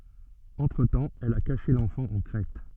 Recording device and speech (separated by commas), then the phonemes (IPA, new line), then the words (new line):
soft in-ear microphone, read sentence
ɑ̃tʁətɑ̃ ɛl a kaʃe lɑ̃fɑ̃ ɑ̃ kʁɛt
Entre-temps, elle a caché l'enfant en Crète.